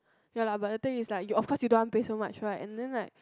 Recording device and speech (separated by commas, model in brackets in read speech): close-talking microphone, conversation in the same room